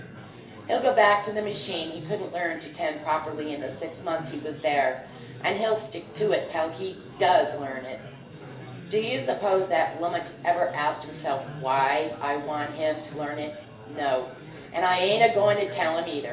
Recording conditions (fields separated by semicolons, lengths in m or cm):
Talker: one person; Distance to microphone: 1.8 m; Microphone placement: close; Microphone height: 1.0 m; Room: large; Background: babble